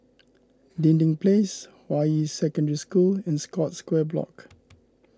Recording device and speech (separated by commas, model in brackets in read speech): close-talking microphone (WH20), read sentence